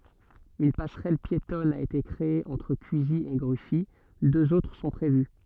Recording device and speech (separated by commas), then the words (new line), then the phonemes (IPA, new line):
soft in-ear microphone, read sentence
Une passerelle piétonne a été créée entre Cusy et Gruffy; deux autres sont prévues.
yn pasʁɛl pjetɔn a ete kʁee ɑ̃tʁ kyzi e ɡʁyfi døz otʁ sɔ̃ pʁevy